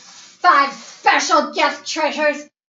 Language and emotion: English, angry